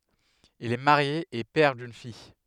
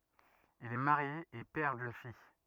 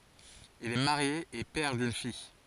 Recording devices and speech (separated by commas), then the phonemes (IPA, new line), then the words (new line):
headset microphone, rigid in-ear microphone, forehead accelerometer, read sentence
il ɛ maʁje e pɛʁ dyn fij
Il est marié et père d’une fille.